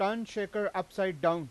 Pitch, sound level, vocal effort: 195 Hz, 96 dB SPL, very loud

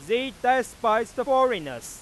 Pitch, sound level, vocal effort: 250 Hz, 104 dB SPL, very loud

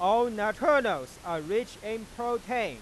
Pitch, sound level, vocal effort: 220 Hz, 103 dB SPL, very loud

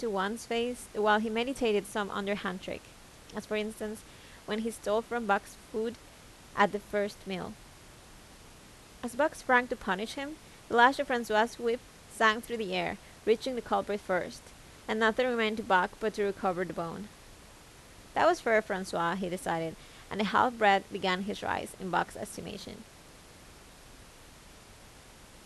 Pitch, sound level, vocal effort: 215 Hz, 83 dB SPL, normal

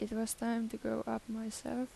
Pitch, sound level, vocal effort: 225 Hz, 80 dB SPL, soft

